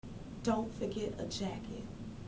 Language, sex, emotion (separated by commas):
English, female, neutral